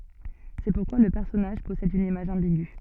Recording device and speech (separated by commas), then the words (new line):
soft in-ear microphone, read sentence
C'est pourquoi le personnage possède une image ambiguë.